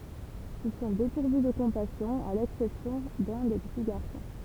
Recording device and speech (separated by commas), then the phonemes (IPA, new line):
temple vibration pickup, read sentence
il sɔ̃ depuʁvy də kɔ̃pasjɔ̃ a lɛksɛpsjɔ̃ də lœ̃ de pəti ɡaʁsɔ̃